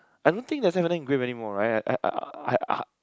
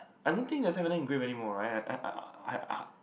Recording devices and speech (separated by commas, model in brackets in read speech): close-talking microphone, boundary microphone, conversation in the same room